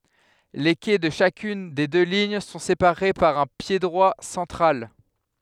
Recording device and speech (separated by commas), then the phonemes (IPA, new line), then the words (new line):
headset microphone, read sentence
le kɛ də ʃakyn de dø liɲ sɔ̃ sepaʁe paʁ œ̃ pjedʁwa sɑ̃tʁal
Les quais de chacune des deux lignes sont séparés par un piédroit central.